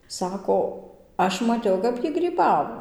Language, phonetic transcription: Lithuanian, ˈsako ˈaš maˈtiau kap ˈjy gryˈbavo

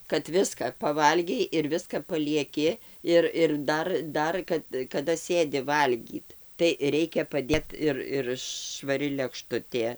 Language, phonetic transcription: Lithuanian, kad ˈviska paˈvalgei ir ˈviska palieˈki ˈir ir ˈdar ˈdar kad kaˈda ˈsėdi ˈvalgyt tai ˈreikia paˈdėt ir ir švaˈri lekˈštutė

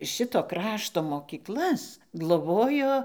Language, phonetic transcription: Lithuanian, ˈšito ˈkrašto mokyˈklas gloˈbojo

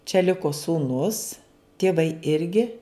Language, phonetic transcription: Lithuanian, čia ˈliko sūˈnus tieˈvai ˈirgi

